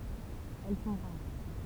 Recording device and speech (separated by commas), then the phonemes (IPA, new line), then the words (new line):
temple vibration pickup, read sentence
ɛl sɔ̃ ʁaʁ
Elles sont rares.